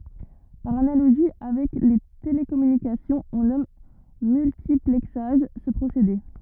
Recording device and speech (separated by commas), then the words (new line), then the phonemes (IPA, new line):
rigid in-ear microphone, read sentence
Par analogie avec les télécommunications, on nomme multiplexage ce procédé.
paʁ analoʒi avɛk le telekɔmynikasjɔ̃z ɔ̃ nɔm myltiplɛksaʒ sə pʁosede